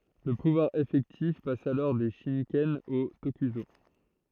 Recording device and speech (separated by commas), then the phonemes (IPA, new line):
throat microphone, read sentence
lə puvwaʁ efɛktif pas alɔʁ de ʃikɛn o tokyzo